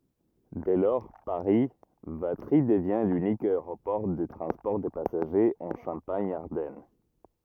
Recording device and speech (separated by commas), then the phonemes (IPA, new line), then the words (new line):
rigid in-ear microphone, read sentence
dɛ lɔʁ paʁi vatʁi dəvjɛ̃ lynik aeʁopɔʁ də tʁɑ̃spɔʁ də pasaʒez ɑ̃ ʃɑ̃paɲ aʁdɛn
Dès lors, Paris - Vatry devient l'unique aéroport de transport de passagers en Champagne-Ardenne.